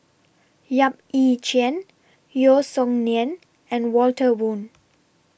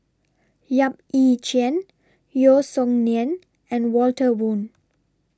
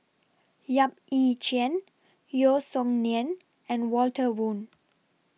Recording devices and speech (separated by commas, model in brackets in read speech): boundary microphone (BM630), standing microphone (AKG C214), mobile phone (iPhone 6), read sentence